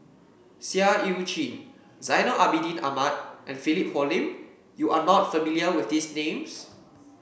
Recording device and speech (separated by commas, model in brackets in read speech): boundary microphone (BM630), read sentence